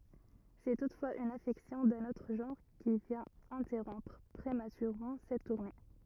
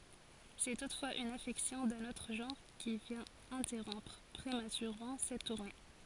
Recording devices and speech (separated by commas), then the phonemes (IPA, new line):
rigid in-ear microphone, forehead accelerometer, read sentence
sɛ tutfwaz yn afɛksjɔ̃ dœ̃n otʁ ʒɑ̃ʁ ki vjɛ̃t ɛ̃tɛʁɔ̃pʁ pʁematyʁemɑ̃ sɛt tuʁne